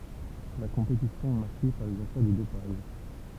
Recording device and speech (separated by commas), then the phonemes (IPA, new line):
temple vibration pickup, read sentence
la kɔ̃petisjɔ̃ ɛ maʁke paʁ lez afɛʁ də dopaʒ